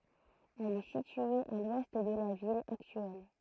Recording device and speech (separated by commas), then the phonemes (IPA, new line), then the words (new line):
throat microphone, read sentence
ɛl ɛ sitye a lwɛst də la vil aktyɛl
Elle est située à l'ouest de la ville actuelle.